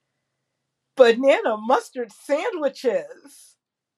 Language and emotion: English, surprised